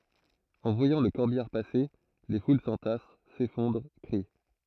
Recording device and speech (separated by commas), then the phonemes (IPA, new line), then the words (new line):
throat microphone, read sentence
ɑ̃ vwajɑ̃ lə kɔʁbijaʁ pase le ful sɑ̃tas sefɔ̃dʁ kʁi
En voyant le corbillard passer, les foules s'entassent, s'effondrent, crient.